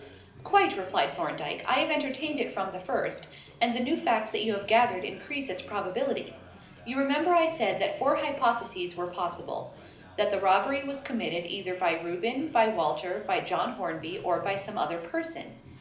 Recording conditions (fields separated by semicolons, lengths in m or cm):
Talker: one person; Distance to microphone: 2.0 m; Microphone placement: close; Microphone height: 99 cm; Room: medium-sized (5.7 m by 4.0 m); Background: babble